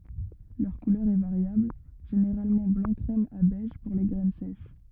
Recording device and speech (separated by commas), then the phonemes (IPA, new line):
rigid in-ear microphone, read sentence
lœʁ kulœʁ ɛ vaʁjabl ʒeneʁalmɑ̃ blɑ̃ kʁɛm a bɛʒ puʁ le ɡʁɛn sɛʃ